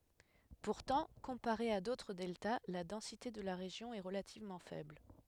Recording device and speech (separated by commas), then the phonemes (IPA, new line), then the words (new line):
headset microphone, read sentence
puʁtɑ̃ kɔ̃paʁe a dotʁ dɛlta la dɑ̃site də la ʁeʒjɔ̃ ɛ ʁəlativmɑ̃ fɛbl
Pourtant, comparé à d’autres deltas, la densité de la région est relativement faible.